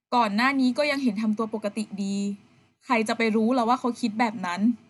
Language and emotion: Thai, sad